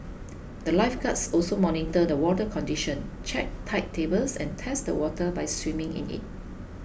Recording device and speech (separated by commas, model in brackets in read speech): boundary microphone (BM630), read sentence